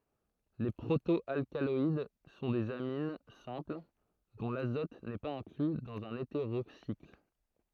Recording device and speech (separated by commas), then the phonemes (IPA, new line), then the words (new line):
throat microphone, read sentence
le pʁoto alkalɔid sɔ̃ dez amin sɛ̃pl dɔ̃ lazɔt nɛ paz ɛ̃kly dɑ̃z œ̃n eteʁosikl
Les proto-alcaloïdes sont des amines simples, dont l'azote n'est pas inclus dans un hétérocycle.